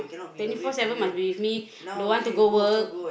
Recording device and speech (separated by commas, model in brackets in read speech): boundary microphone, conversation in the same room